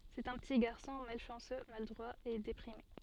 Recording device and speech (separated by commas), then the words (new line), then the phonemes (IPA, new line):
soft in-ear microphone, read sentence
C'est un petit garçon malchanceux, maladroit et déprimé.
sɛt œ̃ pəti ɡaʁsɔ̃ malʃɑ̃sø maladʁwa e depʁime